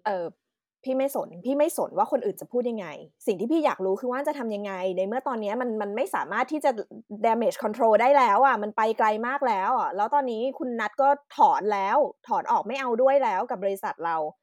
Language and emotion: Thai, angry